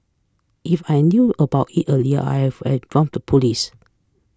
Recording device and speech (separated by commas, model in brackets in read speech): close-talking microphone (WH20), read sentence